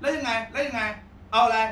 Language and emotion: Thai, angry